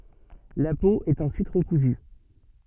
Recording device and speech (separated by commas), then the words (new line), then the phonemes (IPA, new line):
soft in-ear microphone, read sentence
La peau est ensuite recousue.
la po ɛt ɑ̃syit ʁəkuzy